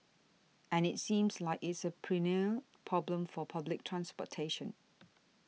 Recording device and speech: mobile phone (iPhone 6), read sentence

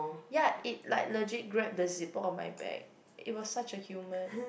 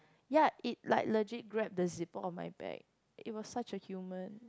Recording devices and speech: boundary microphone, close-talking microphone, conversation in the same room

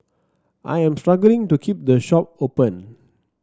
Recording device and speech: standing microphone (AKG C214), read sentence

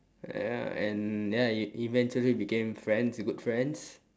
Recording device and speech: standing microphone, conversation in separate rooms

